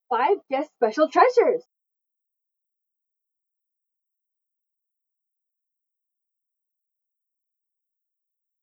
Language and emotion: English, surprised